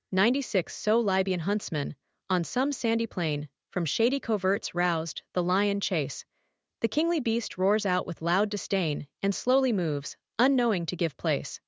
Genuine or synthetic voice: synthetic